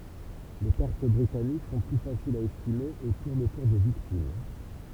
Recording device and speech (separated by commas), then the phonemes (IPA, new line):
temple vibration pickup, read sentence
le pɛʁt bʁitanik sɔ̃ ply fasilz a ɛstime e tuʁnt otuʁ də viktim